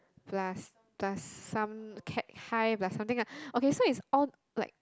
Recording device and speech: close-talking microphone, conversation in the same room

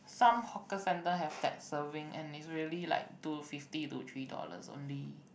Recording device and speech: boundary microphone, conversation in the same room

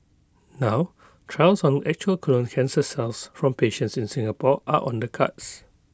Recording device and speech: close-talking microphone (WH20), read sentence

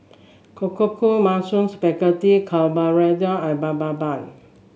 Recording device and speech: mobile phone (Samsung S8), read sentence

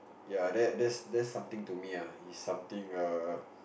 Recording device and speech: boundary microphone, conversation in the same room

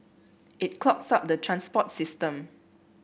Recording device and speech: boundary microphone (BM630), read sentence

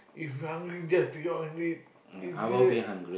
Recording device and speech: boundary microphone, conversation in the same room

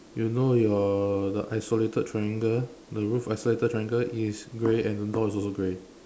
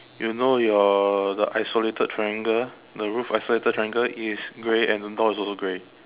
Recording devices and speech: standing microphone, telephone, conversation in separate rooms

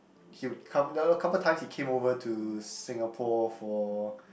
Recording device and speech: boundary microphone, conversation in the same room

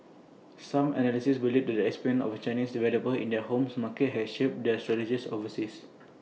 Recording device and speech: mobile phone (iPhone 6), read sentence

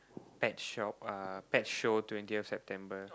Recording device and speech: close-talking microphone, conversation in the same room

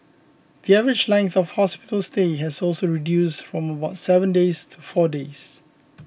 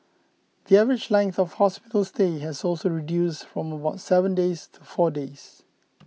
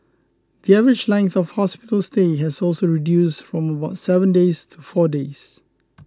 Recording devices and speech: boundary microphone (BM630), mobile phone (iPhone 6), close-talking microphone (WH20), read sentence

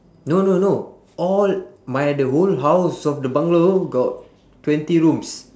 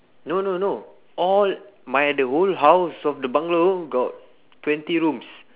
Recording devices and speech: standing microphone, telephone, conversation in separate rooms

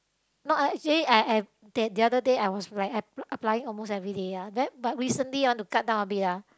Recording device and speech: close-talking microphone, conversation in the same room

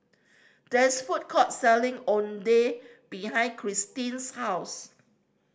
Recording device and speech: standing microphone (AKG C214), read sentence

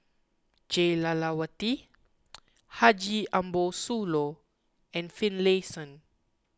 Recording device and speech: close-talking microphone (WH20), read sentence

